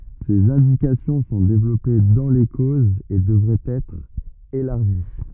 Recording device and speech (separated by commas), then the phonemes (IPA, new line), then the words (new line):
rigid in-ear microphone, read sentence
sez ɛ̃dikasjɔ̃ sɔ̃ devlɔpe dɑ̃ le kozz e dəvʁɛt ɛtʁ elaʁʒi
Ses indications sont développées dans les causes et devraient être élargies.